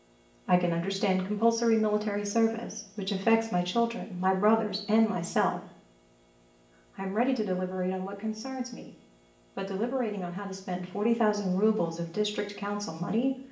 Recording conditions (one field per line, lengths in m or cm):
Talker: one person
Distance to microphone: 1.8 m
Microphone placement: close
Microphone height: 1.0 m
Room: large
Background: none